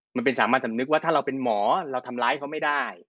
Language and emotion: Thai, neutral